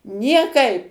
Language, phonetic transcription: Lithuanian, nieˈkaip

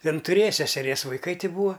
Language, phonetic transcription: Lithuanian, ˈjin tuˈrėja seseˈries vaiˈkai ˈti ˈbūa

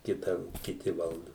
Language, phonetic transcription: Lithuanian, ˈkita kiˈti ˈvaldu

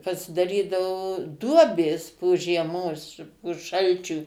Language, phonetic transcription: Lithuanian, pasidaˈrydavo ˈduobės po žieˈmos po ˈšalčių

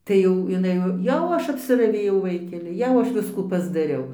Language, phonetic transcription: Lithuanian, ˈtai jau iˈnai jau ˈaš apsiraˈvėjau ˈvaikeli ˈjau ˈaš ˈviskų pasdaˈriau

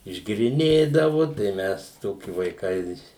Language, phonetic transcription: Lithuanian, išgėriˈnėdavu tai ˈmes ˈtoki vaiˈkai

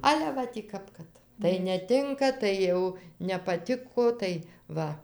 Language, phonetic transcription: Lithuanian, ˈale ˈva tį ˈkap kad tai neˈtinka ˈtai jau nepaˈtiko tai ˈva

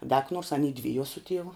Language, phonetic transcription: Lithuanian, da ka nuors aˈny ˈdvijuo su ˈtievu

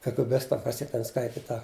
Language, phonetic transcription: Lithuanian, kagɘˈbista ˈkas ˈjie ˈten ˈskaiti ˈta

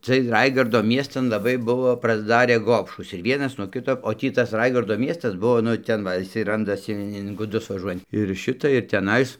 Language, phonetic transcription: Lithuanian, ciɜj ˈraigardo ˈmiestan laˈbai ˈbuvo prasˈdarė ˈgobšūs ir ˈvienas nuo ˈkito o ˈtį tas ˈraigardo ˈmiestas ˈbuvo nu ˈten va iˈsai ˈrandasi in guˈdus vaˈžuojant ir ˈšita ir teˈnais

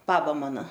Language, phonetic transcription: Lithuanian, ˈbaba ˈmana

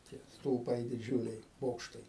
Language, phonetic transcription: Lithuanian, tie stulˈpai diˈdžiuliai ˈbokštai

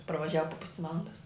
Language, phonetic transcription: Lithuanian, parvaˈžiava po ˈpusi ˈvalandas

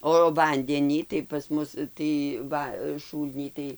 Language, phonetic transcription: Lithuanian, o ˈvandenį tai pas ˈmus tai ˈva ˈšūlnį tai

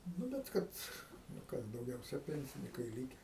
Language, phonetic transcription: Lithuanian, ˈnu bet ˈkad nu ˈkas dauˈgiausia ˈpensinikai ˈlyke

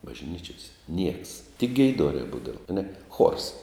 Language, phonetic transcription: Lithuanian, bažˈnyčiose nieks tik geiˈdorē ˈbūdava aˈne chuors

